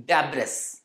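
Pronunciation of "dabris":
'Debris' is pronounced incorrectly here.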